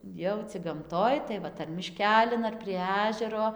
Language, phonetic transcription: Lithuanian, ˈjau cig gamˈtoj tai ˈvat ar miˈškelin ar prie ˈažero

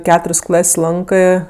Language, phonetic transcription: Lithuanian, ˈketur's' ˈklas' ˈlankɜ

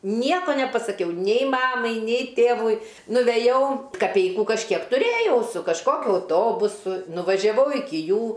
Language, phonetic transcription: Lithuanian, ˈnieko nepasaˈkiau nei ˈmamai nei ˈtėvui nuveˈjau kaˈpeikų kažˈkiek tuˈrėjau su kažˈkokiu auˈtobusu nuvažiaˈvau ˈiki ˈjų

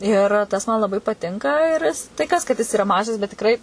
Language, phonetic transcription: Lithuanian, ir ˈtas man laˈbai paˈtinka ir tai ˈkas kad jis iˈra ˈmažas bet tikˈrai

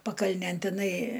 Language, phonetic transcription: Lithuanian, pakalˈnėn tiˈnai

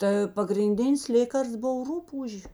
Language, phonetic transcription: Lithuanian, tə pagrinˈdinis ˈlėkarsts ˈbov ˈrupūžė

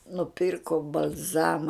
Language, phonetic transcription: Lithuanian, nuˈpyrko bal'ˈzama

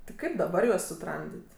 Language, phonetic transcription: Lithuanian, ti ˈkaip daˈbar juos suˈtramdit'

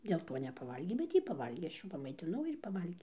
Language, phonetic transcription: Lithuanian, dėl ˈto nepaˈvalgė bet ˈjy paˈvalgė ˈaš ˈjų pamaitiˈnau ir ˈjy paˈvalgė

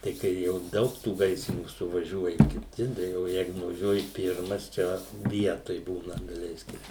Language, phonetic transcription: Lithuanian, tai ˈkai jau ˈdaug tų ˈgaisrinių suvaˈžiuoja kiˈti da o ˈjeigu nuvaˈžiuoji ˈpirmas ˈčia ˈvietoj ˈbūna daˈleiskim

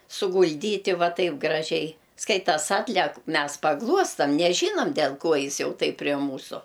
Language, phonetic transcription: Lithuanian, sugulˈdyti ˈva ˈtaip graˈžiai ˈskaitas ˈatlek ˈmes paˈgluostam neˈžynam del ˈko ˈjis ˈjau taip pre ˈmūsu

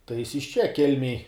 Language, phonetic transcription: Lithuanian, tai jis iš ˈčia ˈkelmėj

